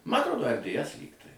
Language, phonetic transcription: Lithuanian, ˈma atˈrodo er dėˈes ˈlygtai

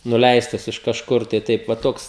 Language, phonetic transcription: Lithuanian, nuˈleistas iš kažˈkur tai ˈtaip va ˈtoks

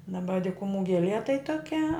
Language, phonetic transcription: Lithuanian, daˈba dikuˈmų geˈlie tai toˈkia

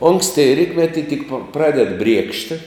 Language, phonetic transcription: Lithuanian, ˈonksti ˈrytmeti tik pa ˈpraded ˈbriekšti

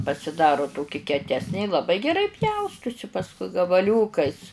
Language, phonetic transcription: Lithuanian, pasiˈdaru ˈtoki keˈtesnė i laˈbai geˈrai ˈpjaustusi pasˈkui gabaˈliūkais

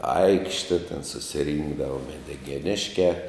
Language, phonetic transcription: Lithuanian, ˈaikšte ten susiˈrinkdava medigeˈniškiā

